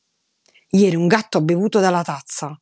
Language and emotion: Italian, angry